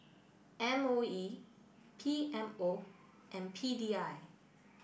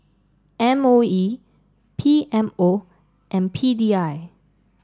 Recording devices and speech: boundary microphone (BM630), standing microphone (AKG C214), read sentence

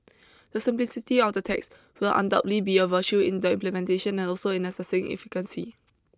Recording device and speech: close-talking microphone (WH20), read sentence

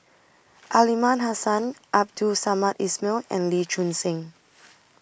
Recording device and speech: boundary microphone (BM630), read sentence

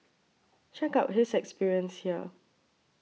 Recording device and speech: mobile phone (iPhone 6), read sentence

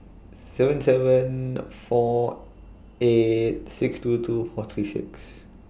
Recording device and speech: boundary microphone (BM630), read sentence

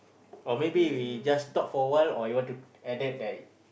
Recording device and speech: boundary microphone, conversation in the same room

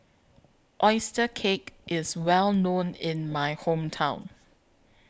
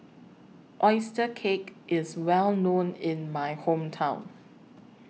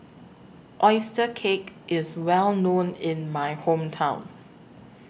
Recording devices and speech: close-talking microphone (WH20), mobile phone (iPhone 6), boundary microphone (BM630), read sentence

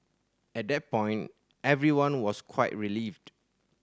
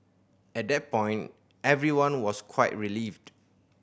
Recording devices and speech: standing microphone (AKG C214), boundary microphone (BM630), read sentence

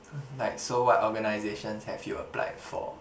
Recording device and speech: boundary microphone, conversation in the same room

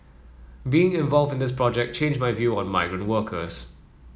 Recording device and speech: mobile phone (iPhone 7), read sentence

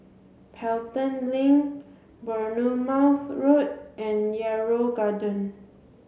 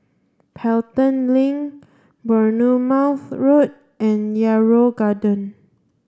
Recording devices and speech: mobile phone (Samsung C7), standing microphone (AKG C214), read sentence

